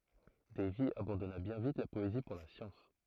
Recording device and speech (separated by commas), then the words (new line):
throat microphone, read sentence
Davy abandonna bien vite la poésie pour la science.